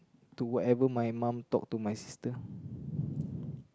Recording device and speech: close-talking microphone, conversation in the same room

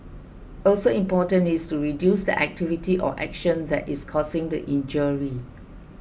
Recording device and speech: boundary microphone (BM630), read sentence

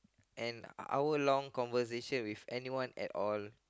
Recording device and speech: close-talking microphone, conversation in the same room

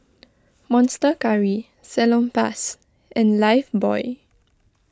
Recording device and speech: close-talking microphone (WH20), read sentence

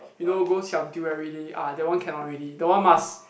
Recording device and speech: boundary microphone, conversation in the same room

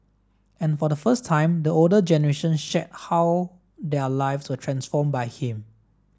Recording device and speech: standing microphone (AKG C214), read sentence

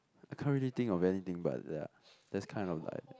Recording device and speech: close-talking microphone, conversation in the same room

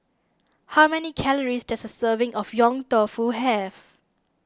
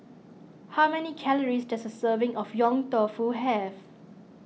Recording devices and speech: standing microphone (AKG C214), mobile phone (iPhone 6), read sentence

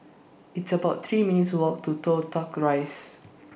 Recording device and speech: boundary microphone (BM630), read sentence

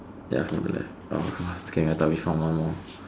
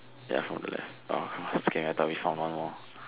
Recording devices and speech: standing microphone, telephone, conversation in separate rooms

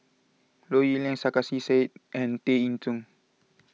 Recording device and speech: mobile phone (iPhone 6), read sentence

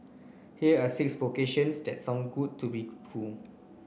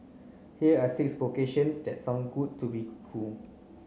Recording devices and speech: boundary microphone (BM630), mobile phone (Samsung C9), read sentence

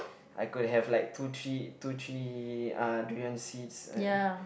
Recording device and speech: boundary microphone, conversation in the same room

